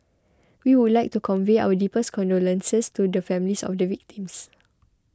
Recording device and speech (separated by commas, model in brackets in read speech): close-talking microphone (WH20), read sentence